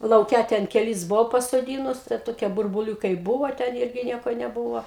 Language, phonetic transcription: Lithuanian, lauˈke ten keˈlis ˈbuvau pasoˈdynus tai ˈtokie burbuˈliūkai ˈbuvo ten ˈirgi ˈnieko neˈbūvo

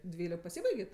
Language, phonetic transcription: Lithuanian, ˈdvylik paˈsybaigė ˈto

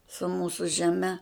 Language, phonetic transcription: Lithuanian, su ˈmūsu žeˈme

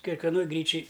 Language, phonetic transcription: Lithuanian, kekveˈnoj ˈgryčij

